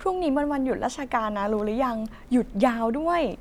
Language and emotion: Thai, happy